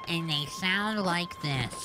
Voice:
Nasally Voice